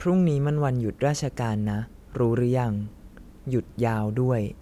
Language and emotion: Thai, neutral